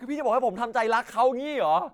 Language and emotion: Thai, sad